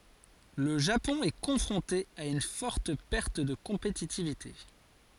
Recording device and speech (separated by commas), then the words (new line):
forehead accelerometer, read sentence
Le Japon est confronté à une forte perte de compétitivité.